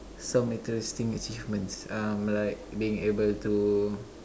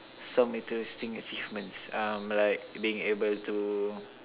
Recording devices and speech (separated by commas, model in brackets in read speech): standing microphone, telephone, conversation in separate rooms